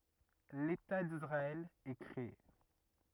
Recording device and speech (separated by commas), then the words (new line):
rigid in-ear microphone, read sentence
L'État d’Israël est créé.